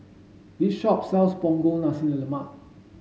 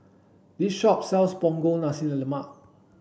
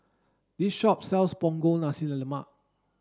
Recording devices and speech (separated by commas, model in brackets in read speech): mobile phone (Samsung S8), boundary microphone (BM630), standing microphone (AKG C214), read sentence